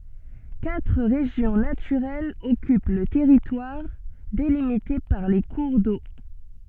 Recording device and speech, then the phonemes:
soft in-ear microphone, read sentence
katʁ ʁeʒjɔ̃ natyʁɛlz ɔkyp lə tɛʁitwaʁ delimite paʁ le kuʁ do

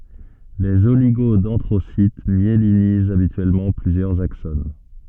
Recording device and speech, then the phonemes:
soft in-ear microphone, read sentence
lez oliɡodɛ̃dʁosit mjelinizt abityɛlmɑ̃ plyzjœʁz akson

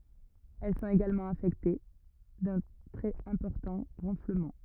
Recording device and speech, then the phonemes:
rigid in-ear microphone, read sentence
ɛl sɔ̃t eɡalmɑ̃ afɛkte dœ̃ tʁɛz ɛ̃pɔʁtɑ̃ ʁɑ̃fləmɑ̃

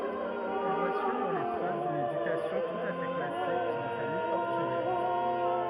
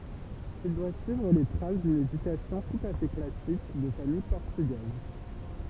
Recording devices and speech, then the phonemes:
rigid in-ear microphone, temple vibration pickup, read sentence
il dwa syivʁ le tʁas dyn edykasjɔ̃ tut a fɛ klasik də famij pɔʁtyɡɛz

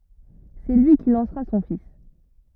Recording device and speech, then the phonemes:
rigid in-ear microphone, read sentence
sɛ lyi ki lɑ̃sʁa sɔ̃ fis

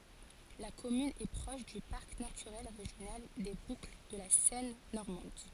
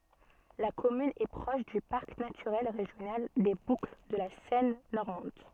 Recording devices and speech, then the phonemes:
forehead accelerometer, soft in-ear microphone, read sentence
la kɔmyn ɛ pʁɔʃ dy paʁk natyʁɛl ʁeʒjonal de bukl də la sɛn nɔʁmɑ̃d

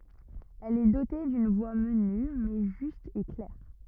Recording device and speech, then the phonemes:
rigid in-ear microphone, read sentence
ɛl ɛ dote dyn vwa məny mɛ ʒyst e klɛʁ

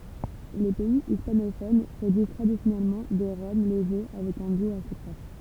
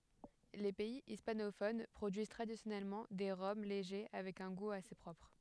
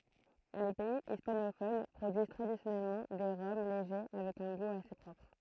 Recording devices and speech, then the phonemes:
temple vibration pickup, headset microphone, throat microphone, read sentence
le pɛi ispanofon pʁodyiz tʁadisjɔnɛlmɑ̃ de ʁɔm leʒe avɛk œ̃ ɡu ase pʁɔpʁ

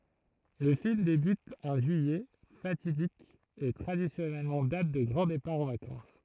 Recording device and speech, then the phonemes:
throat microphone, read sentence
lə film debyt œ̃ ʒyijɛ fatidik e tʁadisjɔnɛl dat də ɡʁɑ̃ depaʁ ɑ̃ vakɑ̃s

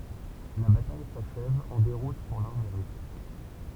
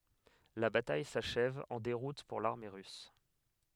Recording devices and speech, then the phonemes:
temple vibration pickup, headset microphone, read sentence
la bataj saʃɛv ɑ̃ deʁut puʁ laʁme ʁys

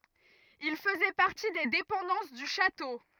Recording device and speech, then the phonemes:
rigid in-ear microphone, read sentence
il fəzɛ paʁti de depɑ̃dɑ̃s dy ʃato

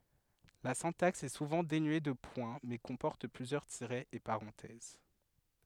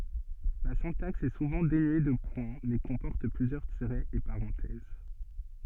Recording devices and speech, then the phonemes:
headset microphone, soft in-ear microphone, read sentence
la sɛ̃taks ɛ suvɑ̃ denye də pwɛ̃ mɛ kɔ̃pɔʁt plyzjœʁ tiʁɛz e paʁɑ̃tɛz

